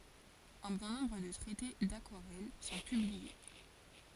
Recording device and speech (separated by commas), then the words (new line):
forehead accelerometer, read sentence
Un bon nombre de traités d'aquarelle sont publiés.